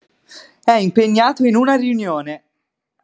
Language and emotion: Italian, happy